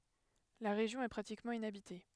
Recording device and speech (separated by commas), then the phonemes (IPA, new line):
headset microphone, read sentence
la ʁeʒjɔ̃ ɛ pʁatikmɑ̃ inabite